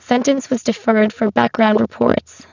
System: VC, spectral filtering